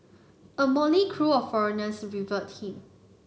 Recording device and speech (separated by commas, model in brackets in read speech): mobile phone (Samsung C9), read sentence